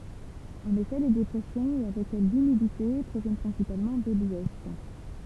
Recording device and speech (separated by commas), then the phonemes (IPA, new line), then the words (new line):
temple vibration pickup, read sentence
ɑ̃n efɛ le depʁɛsjɔ̃z e avɛk ɛl lymidite pʁovjɛn pʁɛ̃sipalmɑ̃ də lwɛst
En effet, les dépressions, et avec elles l'humidité, proviennent principalement de l'ouest.